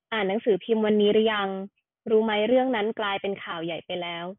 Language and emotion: Thai, neutral